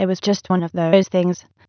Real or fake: fake